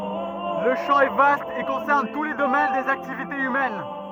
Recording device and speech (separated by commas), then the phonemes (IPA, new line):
rigid in-ear microphone, read sentence
lə ʃɑ̃ ɛ vast e kɔ̃sɛʁn tu le domɛn dez aktivitez ymɛn